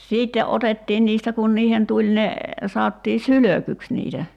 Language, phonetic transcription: Finnish, 'siitte '’otettiin niistä kun 'niihen 'tuĺ ne , 'saottii "sylökyks niitä .
- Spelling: sitten otettiin niistä kun niihin tuli ne sanottiin sylkyksi niitä

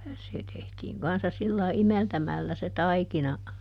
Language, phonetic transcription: Finnish, se tehtiiŋ kanssa ˈsillai "imeltämällä se "taikina .
- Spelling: se tehtiin kanssa sillä lailla imeltämällä se taikina

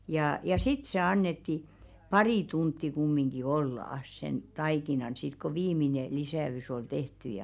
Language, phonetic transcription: Finnish, jà ja "sit se 'annetti , "parì tuntti kummiŋɢi 'olla₍ᵃs sen 'taikinan sit ko 'viimine 'lisä₍ys ‿ol tehty ja .
- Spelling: ja ja sitten se annettiin pari tuntia kumminkin olla sen taikinan sitten kun viimeinen lisäys oli tehty ja

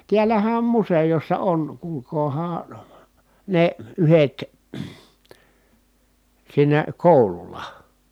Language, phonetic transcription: Finnish, tiälähä om musejossa on , kuulkoohaa , nè , yhet , siinä kòulul̆la .
- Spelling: täällähän on museossa on kuulkaahan ne yhdet siinä koululla

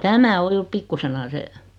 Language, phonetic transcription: Finnish, 'tämä o '(jur) "pikkusena 'se ,.
- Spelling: tämä on juuri pikkuisena se

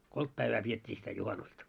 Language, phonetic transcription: Finnish, 'kolt 'päivää piet́t́ii sitä 'juhanusta .
- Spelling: kolme päivää pidettiin sitä juhannusta

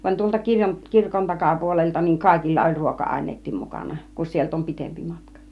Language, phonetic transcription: Finnish, van tuolta 'kirko- , 'kirkon "takapuolelta niiŋ 'kàikilla oĺ 'ruoka 'àin̆neet̆tiim mukana , kus 'sielt ‿om "pitempi 'matka .
- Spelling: vaan tuolta - kirkon takapuolelta niin kaikilla oli - ruoka-aineetkin mukana kun sieltä on pitempi matka

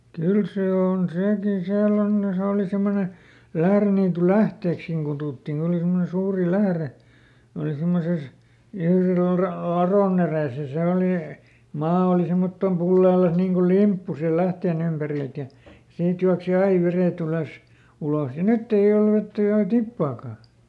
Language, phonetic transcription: Finnish, ˈkyl ˈsee ˈon "sèkin ˈsiäll ‿on ne , ˈse òli ˈsemmone , "Lähreniituˈlähteekskiŋ kutùttiŋ koˈn ‿oli simmone ˈsuuri "lähre , oli ˈsimmoses , (ˈIlviluhra) "laròˈn ‿erès ja ˈse olì , ˈmaa oli ˈsemmottom "pulleelas niiŋ kul "limppu siil ˈlähteen ‿ympärilt ja , ˈsiit juaksi "ai ˈverèˈt ‿ylös , ˈuloh ja "nytt ‿ei ˈol ˈvettä enä "tippaakà .
- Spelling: kyllä se on sekin siellä on ne se oli semmoinen Lähdeniitynlähteeksikin kutsuttiin kun oli semmoinen suuri lähde oli semmoisessa Ilviluhdan ladon edessä ja se oli maa oli semmottoon pulleellaan niin kuin limppu siinä lähteen ympäriltä ja siitä juoksi aina vedet ylös ulos ja nyt ei ole vettä enää tippaakaan

